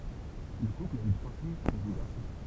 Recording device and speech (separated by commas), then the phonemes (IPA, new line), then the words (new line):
temple vibration pickup, read sentence
lə kupl a y tʁwa fijz e dø ɡaʁsɔ̃
Le couple a eu trois filles et deux garçons.